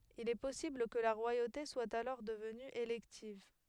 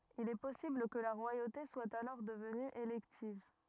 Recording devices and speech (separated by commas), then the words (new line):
headset microphone, rigid in-ear microphone, read sentence
Il est possible que la royauté soit alors devenue élective.